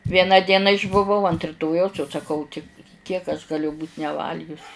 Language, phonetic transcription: Lithuanian, ˈvieną ˈdieną išbuˈvau ant riˈtojaus jau saˈkau ti ˈkiek aš ˈgaliu būt' neˈvalgius

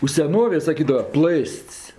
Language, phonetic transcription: Lithuanian, u seˈnovėj saˈkydava ˈplɘst's'

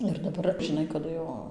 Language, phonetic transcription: Lithuanian, ir daˈbar žiˈnai kaˈdu jau

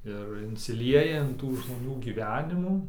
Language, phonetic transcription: Lithuanian, ir insiˈlieja in ˈtų žmoˈnių gyˈvenimų

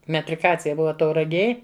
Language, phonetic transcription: Lithuanian, metriˈkacija ˈbuva tauraˈgėj

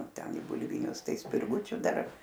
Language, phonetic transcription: Lithuanian, ˈten i bulˈvinius ˈtai spirˈgučiu ˈdar

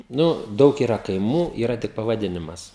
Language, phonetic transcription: Lithuanian, ˈnu ˈdaug yˈra kaiˈmų ˈyra tik pavaˈdinimas

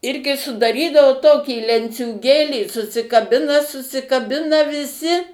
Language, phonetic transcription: Lithuanian, ˈirgi sudaˈrydavo ˈtokį lenciūˈgėlį susikaˈbina susikaˈbina viˈsi

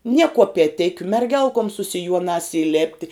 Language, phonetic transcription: Lithuanian, nie kuopieˈtikiu merˈgelkom su siˈjuonās įˈlėpti

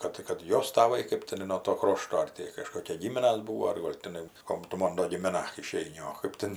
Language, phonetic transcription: Lithuanian, ˈkad kad ˈjos taˈvai kɜp tiˈnai nuo ˈto ˈkrošto ˈar ti kaˈžkokie ˈgyminas ˈbūvo ar ˈgol tiˈnai ˈkom tu ˈmon do gimiˈna iˈšeini o ˈkɜp ten

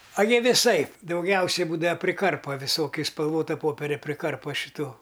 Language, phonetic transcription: Lithuanian, a jie viˈsaip dauˈgiausiai ˈbūda priˈkarpa viˈsokiu iš spalˈvota ˈpoperia priˈkarpa šiˈtų

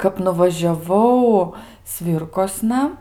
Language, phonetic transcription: Lithuanian, kap nuvažiaˈvau ˈsvyrkosna

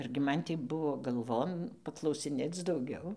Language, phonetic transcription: Lithuanian, argi ˈman tį ˈbuvo galˈvon paklausiˈnėc dauˈgiau

